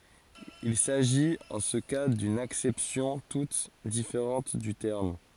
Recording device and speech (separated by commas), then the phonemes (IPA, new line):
forehead accelerometer, read sentence
il saʒit ɑ̃ sə ka dyn aksɛpsjɔ̃ tut difeʁɑ̃t dy tɛʁm